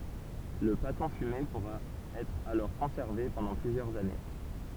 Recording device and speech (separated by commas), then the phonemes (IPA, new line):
temple vibration pickup, read sentence
lə patɔ̃ fyme puʁa ɛtʁ alɔʁ kɔ̃sɛʁve pɑ̃dɑ̃ plyzjœʁz ane